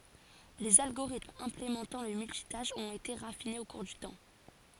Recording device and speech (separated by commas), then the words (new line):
forehead accelerometer, read sentence
Les algorithmes implémentant le multitâche ont été raffinés au cours du temps.